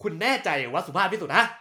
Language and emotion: Thai, angry